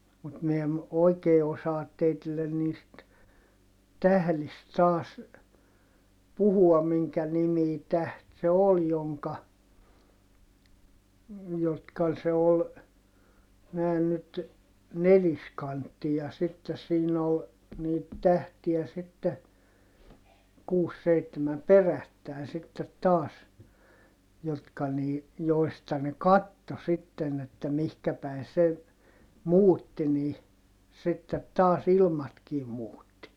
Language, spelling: Finnish, mutta minä en oikein osaa teille niistä tähdistä taas puhua minkä nimisiä tähtiä se oli jonka jotka se oli näin nyt neliskantti ja sitten siinä oli niitä tähtiä sitten kuusi seitsemän perättäin sitten taas jotka niin joista ne katsoi sitten että mihin päin se muutti niin sitten taas ilmatkin muutti
- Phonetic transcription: mut mi em , oikee osaat teitillen niist , tählist taas , puhuam miŋkä nimii täht se ol joŋka , jotka se ol , nä̀i̮n nyt , neliskantti ja sittes siin ‿ol , niit tähtiä sitte , kuus seittemäm perättä̀in sittet taas , jotka nii , joista ne katto sitten ‿että mihkä päi se , muutti nii , sittet taas ilmatkii muutti .

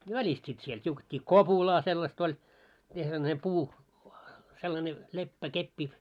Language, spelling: Finnish, välistä sitten siellä tiukettiin kopulaa sellaista oli miten sellainen puu sellainen leppäkeppi
- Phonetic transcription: 'välist sit siel t́iuket́t́ii "kopulaa sellast ‿oĺ , mite sellane 'puu , sellane 'leppä'keppi .

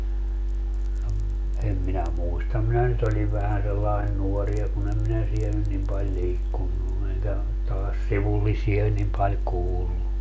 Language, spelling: Finnish, no - en minä muista minä nyt olin vähän sellainen nuori ja kun en minä siellä nyt niin paljon liikkunut enkä taas sivullisia niin paljon kuullut
- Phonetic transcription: no ‿m- , 'em minä "muistam 'minä nyt ‿oĺiv 'vähän sellain "nuɔri ja kun ‿em minä 'siel nyn nim paĺ 'liikkunnu eŋkä , taas 'sivullisia nim paĺ 'kuullu .

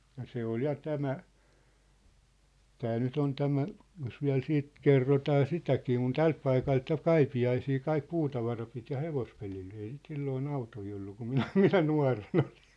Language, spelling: Finnish, ja se oli ja tämä että nyt on tämä jos vielä sitten kerrotaan sitäkin kun tältä paikalta ja Kaipiaisiin kaikki puutavara piti ja hevospelillä ei sitä silloin autoja ollut kun minä minä nuorena olin
- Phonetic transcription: ja 'se ‿ol ja 'tämä , 'tä nyt ‿on tämä , jos viä̭l 'siit , "kerrotaa 'sitäkii kun "tält paikalt ja "Kaipi₍aisii 'kaik "puutavara pit ja 'hevospelil , ei sit 'silloo'n ‿autoi ollu kum 'minä , "minä 'nua̭ren ‿oʟɪɴ .

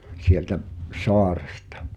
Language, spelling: Finnish, sieltä saaresta
- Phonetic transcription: 'sieltä’ , "soarᴇstᴀ .

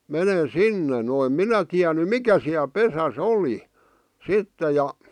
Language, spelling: Finnish, menen sinne no en minä tiennyt mikä siellä pesässä oli sitten ja
- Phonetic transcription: 'menen̬ "sinne no em "minä tiäny "mikä siäl 'pesä"s ‿oli , 'sitte ja .

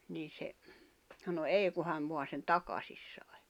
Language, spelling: Finnish, niin se sanoi ei kun hän vain sen takaisin sai
- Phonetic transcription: nii se , sano » 'èi ku hän voan̬ sen "takasis sài « .

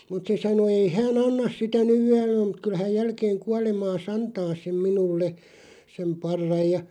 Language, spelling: Finnish, mutta se sanoi ei hän anna sitä nyt vielä mutta kyllä hän jälkeen kuolemaansa antaa sen minulle sen parran ja
- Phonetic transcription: mut se 'sano 'ei 'hä̳ä̳§"n ‿annas sitä nyv ('viälä) mut 'kyl häj 'jälkeeŋ 'kualemaa"s ‿antaa sem 'minulle , sem 'parraj ja ,.

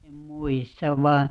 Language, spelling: Finnish, en muista vain
- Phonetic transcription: 'em "muistav 'vaa ,.

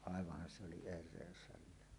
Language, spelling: Finnish, aivanhan se oli erehdys hänellä
- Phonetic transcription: 'àevah̆han se oli 'er̆rèös hällä .

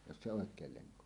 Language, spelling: Finnish, jos se oikein lenko on
- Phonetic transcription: jos se 'òek̀eel 'leŋko on .

